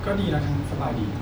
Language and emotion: Thai, neutral